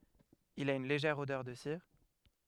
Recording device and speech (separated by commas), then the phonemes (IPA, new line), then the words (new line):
headset microphone, read sentence
il a yn leʒɛʁ odœʁ də siʁ
Il a une légère odeur de cire.